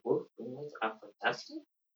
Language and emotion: English, surprised